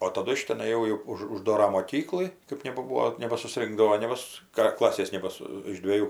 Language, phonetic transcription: Lithuanian, o taˈdu iš teˈnai jau jau ˈuž užˈdora moˈkyklɨ ˈkɜp nebaˈbūo nebasuˈsringdavo ne ˈvis ˈkra ˈklasės ˈnebasu iš dvėˈjų

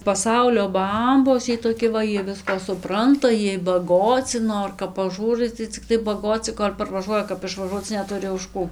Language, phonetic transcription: Lithuanian, paˈsaulio ˈbambos ˈjiej toˈki va ˈjie ˈviską suˈpranta ˈjiej baˈgoci ˈnor kap paˈžūrai tai cikˈtai baˈgoci kol' parvaˈžuoja kap išvaˈžuoc neˈturi už ˈkų

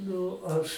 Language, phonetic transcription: Lithuanian, ˈnu ˈaš

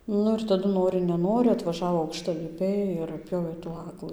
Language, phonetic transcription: Lithuanian, ˈnu ir taˈdu ˈnori neˈnori atvaˈžavo aukštaliˈpiai ir atˈpjovė tų ˈaglɨ

